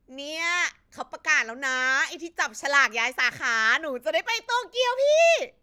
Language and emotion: Thai, happy